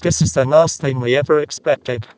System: VC, vocoder